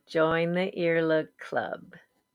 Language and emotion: English, happy